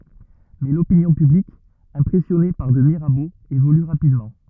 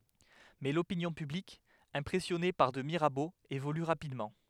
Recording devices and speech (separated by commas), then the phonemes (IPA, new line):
rigid in-ear microphone, headset microphone, read sentence
mɛ lopinjɔ̃ pyblik ɛ̃pʁɛsjɔne paʁ də miʁabo evoly ʁapidmɑ̃